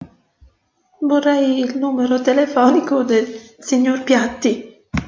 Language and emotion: Italian, fearful